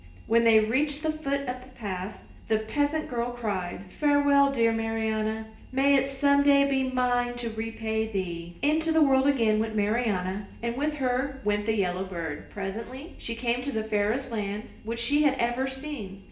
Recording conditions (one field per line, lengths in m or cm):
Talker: one person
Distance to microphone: 1.8 m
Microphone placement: close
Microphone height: 1.0 m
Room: large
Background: none